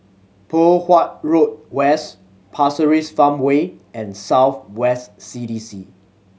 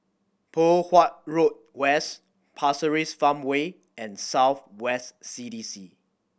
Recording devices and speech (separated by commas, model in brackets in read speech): mobile phone (Samsung C7100), boundary microphone (BM630), read sentence